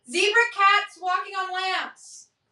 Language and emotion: English, neutral